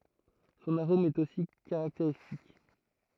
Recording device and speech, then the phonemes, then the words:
throat microphone, read sentence
sɔ̃n aʁom ɛt osi kaʁakteʁistik
Son arôme est aussi caractéristique.

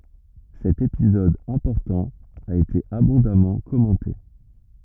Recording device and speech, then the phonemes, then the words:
rigid in-ear microphone, read sentence
sɛt epizɔd ɛ̃pɔʁtɑ̃ a ete abɔ̃damɑ̃ kɔmɑ̃te
Cet épisode important a été abondamment commenté.

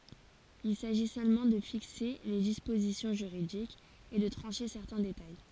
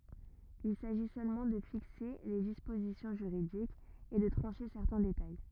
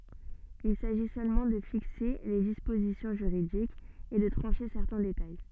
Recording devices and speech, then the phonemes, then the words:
forehead accelerometer, rigid in-ear microphone, soft in-ear microphone, read sentence
il saʒi sølmɑ̃ də fikse le dispozisjɔ̃ ʒyʁidikz e də tʁɑ̃ʃe sɛʁtɛ̃ detaj
Il s'agit seulement de fixer les dispositions juridiques et de trancher certains détails.

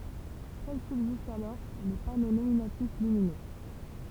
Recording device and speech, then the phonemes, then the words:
temple vibration pickup, read sentence
sœl sybzistt alɔʁ le pano nominatif lyminø
Seuls subsistent alors les panneaux nominatifs lumineux.

